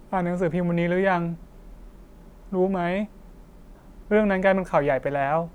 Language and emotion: Thai, sad